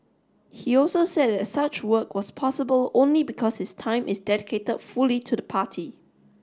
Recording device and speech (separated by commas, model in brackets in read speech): standing microphone (AKG C214), read sentence